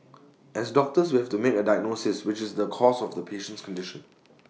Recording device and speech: mobile phone (iPhone 6), read sentence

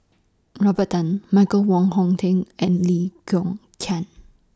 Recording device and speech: standing microphone (AKG C214), read sentence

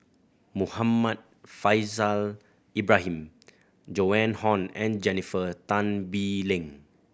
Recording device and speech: boundary microphone (BM630), read sentence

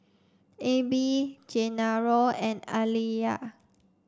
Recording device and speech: standing microphone (AKG C214), read sentence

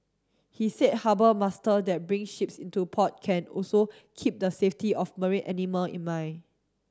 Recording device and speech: standing microphone (AKG C214), read sentence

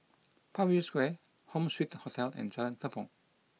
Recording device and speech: mobile phone (iPhone 6), read sentence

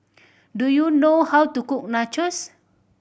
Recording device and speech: boundary microphone (BM630), read sentence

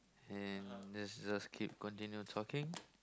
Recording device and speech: close-talking microphone, conversation in the same room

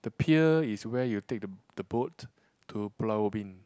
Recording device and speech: close-talking microphone, conversation in the same room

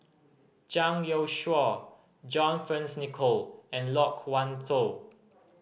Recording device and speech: boundary microphone (BM630), read sentence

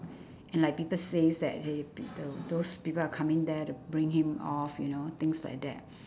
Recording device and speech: standing microphone, conversation in separate rooms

